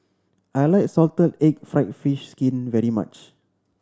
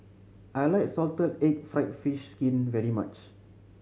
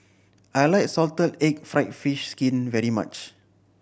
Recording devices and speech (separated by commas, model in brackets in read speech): standing microphone (AKG C214), mobile phone (Samsung C7100), boundary microphone (BM630), read sentence